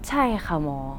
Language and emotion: Thai, neutral